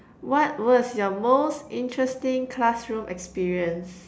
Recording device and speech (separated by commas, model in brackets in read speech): standing microphone, conversation in separate rooms